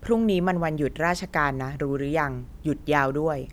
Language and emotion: Thai, neutral